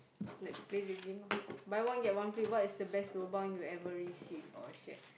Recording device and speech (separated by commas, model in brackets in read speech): boundary microphone, conversation in the same room